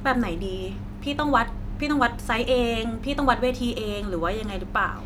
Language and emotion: Thai, frustrated